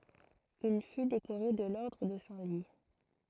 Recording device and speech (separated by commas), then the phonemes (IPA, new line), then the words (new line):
throat microphone, read sentence
il fy dekoʁe də lɔʁdʁ də sɛ̃ lwi
Il fut décoré de l'ordre de Saint-Louis.